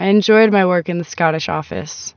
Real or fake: real